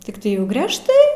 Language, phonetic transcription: Lithuanian, tikˈtai jau grežˈtai

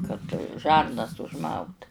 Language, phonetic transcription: Lithuanian, kad ˈžarnas užˈmaut

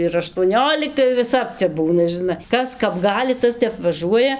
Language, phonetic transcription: Lithuanian, ir aštuoˈniolika ir viˈsap ˈcia ˈbūna žiˈna ˈkas ˈkap ˈgali ˈtas ˈtep vaˈžuoja

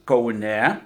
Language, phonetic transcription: Lithuanian, kauˈne

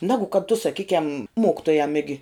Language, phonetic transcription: Lithuanian, ˈnegu kad tu saˈkykiam ˈmokitojam ˈigi

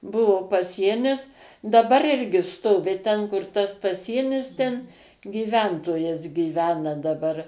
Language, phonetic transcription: Lithuanian, ˈbuvo paˈsienis daˈbar ˈirgi ˈstovi ˈten kur ˈtas paˈsienis ˈten gyˈventojas giˈvena daˈbar

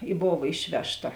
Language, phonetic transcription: Lithuanian, i ˈbova ˈišvežˌta

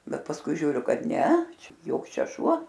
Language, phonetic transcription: Lithuanian, ˈbet pasˈkui žiūˈriu ˈkad ˈne ˈčia ˈjoks ˈčia ˈšuo

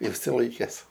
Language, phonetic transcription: Lithuanian, išsiˈlaikes

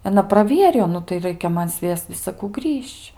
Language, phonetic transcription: Lithuanian, aˈna praˈvierijo ˈnu tai ˈraikia ˈman ˈsviesc visaˈkų ˈgrįž'č'

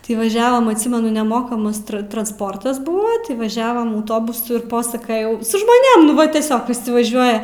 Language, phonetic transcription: Lithuanian, ti vaˈžiavam atˈsymenu neˈmokamas tra transˈportas ˈbūva ti vaˈžiavam auˈtobusu i ˈposakajau su žmoˈnėm nu ˈva tieˈsiog viˈsi vaˈžiuoja

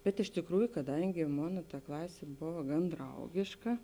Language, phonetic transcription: Lithuanian, bet iš tėkˈrųju kaˈdangi ˈmona ta ˈklasė ˈbova gan ˈdraugėška

